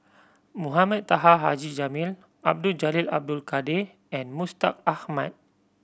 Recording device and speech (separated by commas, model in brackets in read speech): boundary microphone (BM630), read sentence